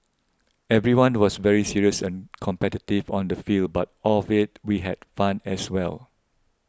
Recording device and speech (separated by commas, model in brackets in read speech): close-talking microphone (WH20), read sentence